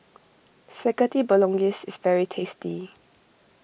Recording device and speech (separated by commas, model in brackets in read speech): boundary microphone (BM630), read sentence